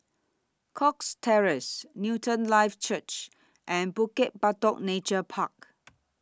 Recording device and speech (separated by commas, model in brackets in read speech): standing microphone (AKG C214), read sentence